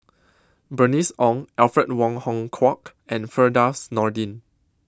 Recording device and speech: close-talking microphone (WH20), read sentence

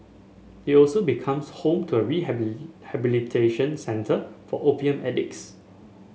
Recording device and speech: mobile phone (Samsung S8), read sentence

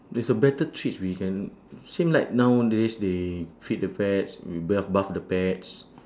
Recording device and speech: standing microphone, conversation in separate rooms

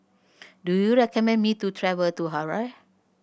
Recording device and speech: boundary microphone (BM630), read sentence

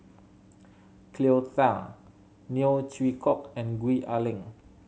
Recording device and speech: mobile phone (Samsung C7100), read sentence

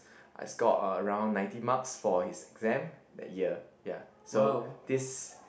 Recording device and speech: boundary microphone, conversation in the same room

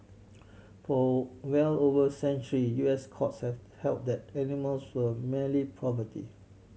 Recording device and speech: mobile phone (Samsung C7100), read sentence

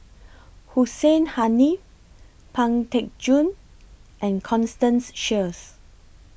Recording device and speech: boundary microphone (BM630), read sentence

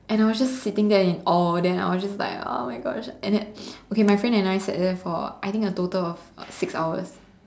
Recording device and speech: standing microphone, conversation in separate rooms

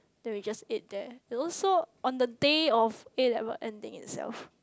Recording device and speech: close-talking microphone, conversation in the same room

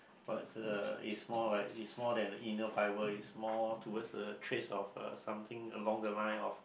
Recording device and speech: boundary microphone, conversation in the same room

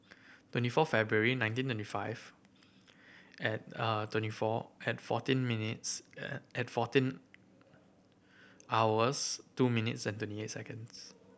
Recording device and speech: boundary microphone (BM630), read sentence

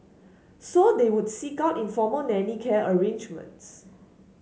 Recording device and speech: mobile phone (Samsung S8), read sentence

